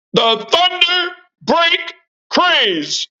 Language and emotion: English, neutral